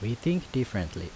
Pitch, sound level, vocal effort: 115 Hz, 79 dB SPL, normal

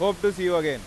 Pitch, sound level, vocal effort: 180 Hz, 99 dB SPL, loud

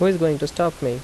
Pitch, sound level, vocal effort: 160 Hz, 83 dB SPL, normal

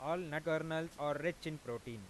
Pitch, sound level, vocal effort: 155 Hz, 94 dB SPL, normal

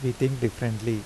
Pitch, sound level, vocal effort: 120 Hz, 82 dB SPL, normal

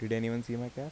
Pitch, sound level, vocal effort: 120 Hz, 81 dB SPL, soft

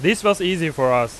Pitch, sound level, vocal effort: 165 Hz, 96 dB SPL, loud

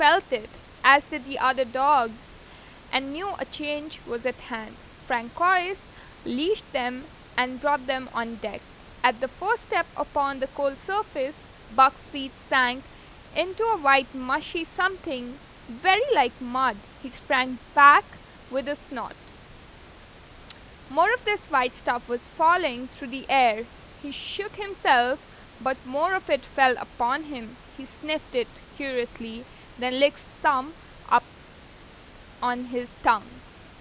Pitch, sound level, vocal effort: 270 Hz, 92 dB SPL, loud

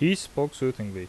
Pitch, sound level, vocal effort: 135 Hz, 84 dB SPL, loud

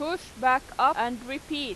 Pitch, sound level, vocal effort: 280 Hz, 95 dB SPL, very loud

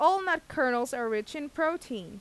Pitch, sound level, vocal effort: 270 Hz, 91 dB SPL, loud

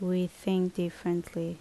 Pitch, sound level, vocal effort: 180 Hz, 74 dB SPL, normal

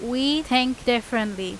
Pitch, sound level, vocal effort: 245 Hz, 90 dB SPL, very loud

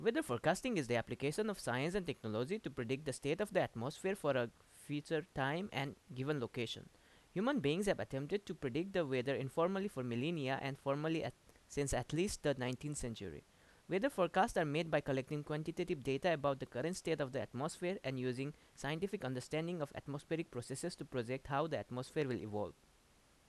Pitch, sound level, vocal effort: 145 Hz, 85 dB SPL, loud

